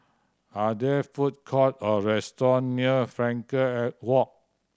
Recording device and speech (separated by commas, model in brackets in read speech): standing microphone (AKG C214), read sentence